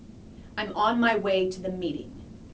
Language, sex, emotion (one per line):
English
female
angry